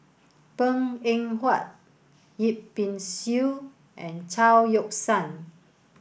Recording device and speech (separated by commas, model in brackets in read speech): boundary microphone (BM630), read sentence